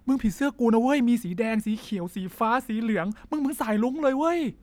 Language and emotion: Thai, happy